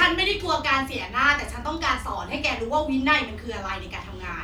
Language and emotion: Thai, angry